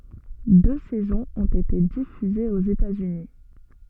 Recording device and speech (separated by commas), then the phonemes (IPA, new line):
soft in-ear microphone, read sentence
dø sɛzɔ̃z ɔ̃t ete difyzez oz etatsyni